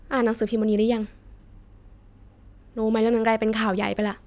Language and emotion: Thai, frustrated